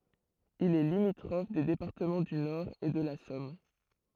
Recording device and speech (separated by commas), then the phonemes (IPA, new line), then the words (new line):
throat microphone, read sentence
il ɛ limitʁɔf de depaʁtəmɑ̃ dy nɔʁ e də la sɔm
Il est limitrophe des départements du Nord et de la Somme.